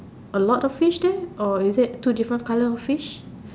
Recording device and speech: standing microphone, conversation in separate rooms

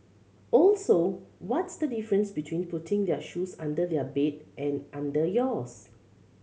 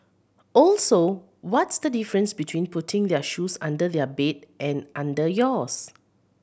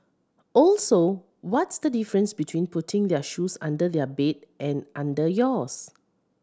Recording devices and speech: mobile phone (Samsung C7100), boundary microphone (BM630), standing microphone (AKG C214), read sentence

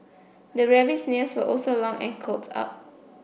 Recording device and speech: boundary microphone (BM630), read sentence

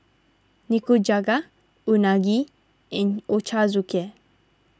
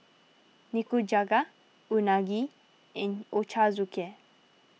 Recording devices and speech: standing microphone (AKG C214), mobile phone (iPhone 6), read sentence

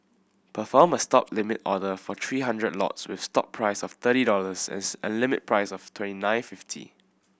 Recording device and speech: boundary microphone (BM630), read sentence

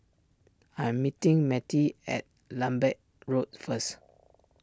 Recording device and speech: standing microphone (AKG C214), read sentence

